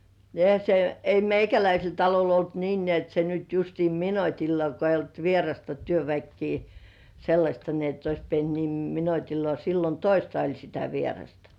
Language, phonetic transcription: Finnish, ni "ehä se , 'ei "meikäläisel talol ‿olt niin nĕä̀§t se nyt justii "minotilla ko eij̆j ‿olt "vierasta 'työväkkii , sellaśta ni ett ‿ois pient 'nim "minotillŏà sillon "toista 'oĺ sitä vierasta .
- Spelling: niin eihän se ei meikäläisellä talolla ollut niin näet se nyt justiin minuutilla kun ei ollut vierasta työväkeä sellaista niin että olisi pitänyt niin minuutillaan silloin toista oli sitä vierasta

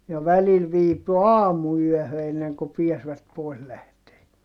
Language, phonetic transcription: Finnish, ja välil viipy aamu₍yɔ̈̀hö enneŋku piäsvät pòis lähtee .
- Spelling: ja välillä viipyi aamuyöhön ennen kuin pääsivät pois lähtemään

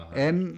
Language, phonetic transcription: Finnish, 'em ,.
- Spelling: en

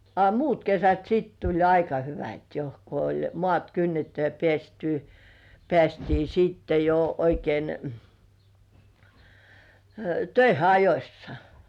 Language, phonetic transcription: Finnish, a "muut 'kesät siit tuĺ 'aika "hyvät jo , ko oĺ "moàt 'kynnetty ja pĕä̀sty , 'pĕä̀stii sitte jo oikein , "töihe 'ajośsa .
- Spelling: a muut kesät sitten tuli aika hyvät jo kun oli maat kynnetty ja päästy päästiin sitten jo oikein töihin ajoissa

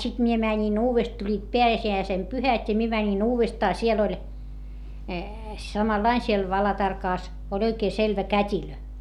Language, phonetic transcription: Finnish, sit mie mäńin uuvest- , tuĺĺiit peäsi₍äisem pyhät́ ja mie mänin ‿uuvestaa siel ‿oĺ , samallain siel Valatarkàs , oĺ oikee selvä kät́ilö .
- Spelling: sitten minä menin - tulivat pääsiäisen pyhät ja minä menin uudestaan siellä oli samanlainen siellä Valatarkassa oli oikein selvä kätilö

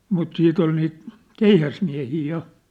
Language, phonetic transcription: Finnish, mut siit ‿ol niit , 'keihäsmiä̭hii ja .
- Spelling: mutta sitten oli niitä keihäsmiehiä ja

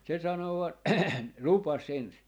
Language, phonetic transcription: Finnish, se sano vaa "lupas 'ens .
- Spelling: se sanoi vain lupasi ensin

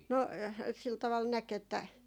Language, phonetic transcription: Finnish, 'no , sil taval 'näk ‿että ,.
- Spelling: no sillä tavalla näki että

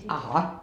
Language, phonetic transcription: Finnish, 'a"ha .
- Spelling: aha

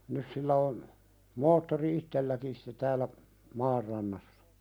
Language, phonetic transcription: Finnish, nys sillä on , 'moottori "ittelläkin sᴵtte täällä , "maar rannassᴀ .
- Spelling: nyt sillä on moottori itselläkin sitten täällä maan rannassa

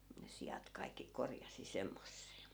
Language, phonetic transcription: Finnish, ne 'sijat kaikki 'korjasi 'semmosse(e) .
- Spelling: ne siat kaikki korjasi semmoiseen

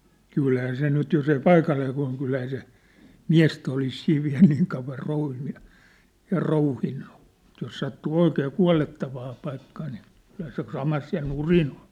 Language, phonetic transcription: Finnish, 'kylhää 'se nyt jos ‿ei "paikallee kua̭l kylhää se , "miä̭stä olis siiv viä̭l niiŋ kauv̆var 'rouhinnu ja , ja 'rouhinnu , ᵐᵘt̆ jos sattuu 'oikee "kua̭lettavaa paikkaa nii , kylhä se 'samas ja "nurin ‿ᴏɴ .
- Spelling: kyllähän se nyt jos ei paikalleen kuole kyllähän se miestä olisi siinä vielä niin kauan rouhinut ja ja rouhinut mutta jos sattuu oikein kuolettavaan paikkaan niin kyllähän se samassa ja nurin on

